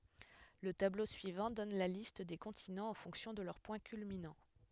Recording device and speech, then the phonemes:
headset microphone, read sentence
lə tablo syivɑ̃ dɔn la list de kɔ̃tinɑ̃z ɑ̃ fɔ̃ksjɔ̃ də lœʁ pwɛ̃ kylminɑ̃

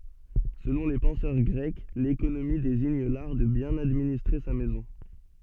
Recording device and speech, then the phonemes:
soft in-ear microphone, read sentence
səlɔ̃ le pɑ̃sœʁ ɡʁɛk lekonomi deziɲ laʁ də bjɛ̃n administʁe sa mɛzɔ̃

